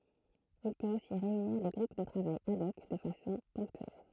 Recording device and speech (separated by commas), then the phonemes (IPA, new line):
throat microphone, read sentence
il pøt osi ʁeyniʁ de ɡʁup də tʁavaj ad ɔk də fasɔ̃ pɔ̃ktyɛl